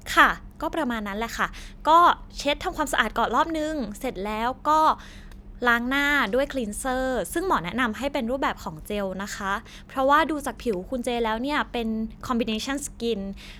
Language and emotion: Thai, neutral